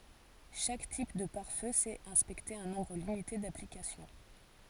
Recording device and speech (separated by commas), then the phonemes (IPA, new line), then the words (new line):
forehead accelerometer, read sentence
ʃak tip də paʁ fø sɛt ɛ̃spɛkte œ̃ nɔ̃bʁ limite daplikasjɔ̃
Chaque type de pare-feu sait inspecter un nombre limité d'applications.